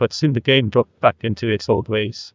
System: TTS, neural waveform model